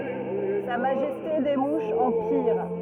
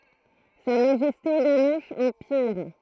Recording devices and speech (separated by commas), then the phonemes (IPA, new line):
rigid in-ear microphone, throat microphone, read sentence
sa maʒɛste de muʃz ɑ̃ piʁ